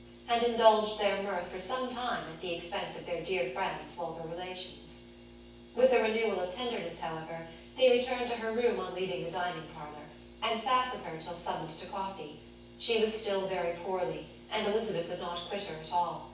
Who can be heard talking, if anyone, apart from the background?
One person.